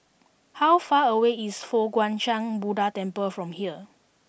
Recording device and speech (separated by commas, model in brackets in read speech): boundary microphone (BM630), read sentence